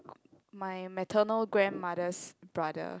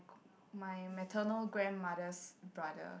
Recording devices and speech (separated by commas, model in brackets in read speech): close-talking microphone, boundary microphone, conversation in the same room